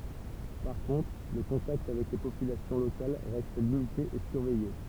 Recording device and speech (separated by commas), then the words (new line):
temple vibration pickup, read sentence
Par contre, le contact avec les populations locales reste limité et surveillé.